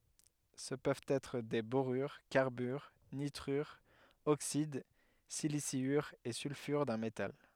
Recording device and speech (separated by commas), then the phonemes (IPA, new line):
headset microphone, read sentence
sə pøvt ɛtʁ de boʁyʁ kaʁbyʁ nitʁyʁz oksid silisjyʁz e sylfyʁ dœ̃ metal